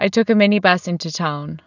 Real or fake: real